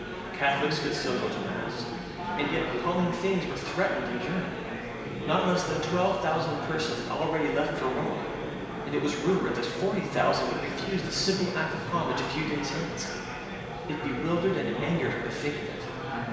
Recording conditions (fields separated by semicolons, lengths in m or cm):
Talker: one person; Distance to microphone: 1.7 m; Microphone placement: close; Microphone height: 1.0 m; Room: very reverberant, large; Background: babble